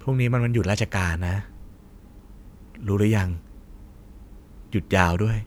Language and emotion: Thai, neutral